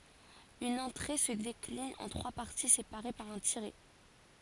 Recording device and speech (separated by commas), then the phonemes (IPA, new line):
forehead accelerometer, read sentence
yn ɑ̃tʁe sə deklin ɑ̃ tʁwa paʁti sepaʁe paʁ œ̃ tiʁɛ